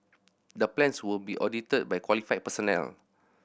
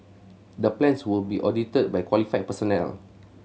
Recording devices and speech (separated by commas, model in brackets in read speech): boundary microphone (BM630), mobile phone (Samsung C7100), read sentence